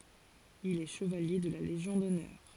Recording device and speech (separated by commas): forehead accelerometer, read sentence